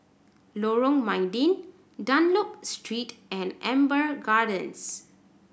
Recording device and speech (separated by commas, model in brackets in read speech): boundary microphone (BM630), read sentence